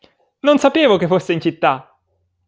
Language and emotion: Italian, surprised